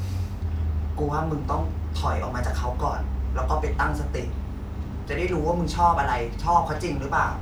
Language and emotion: Thai, frustrated